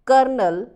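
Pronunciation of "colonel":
'Colonel' is pronounced incorrectly here.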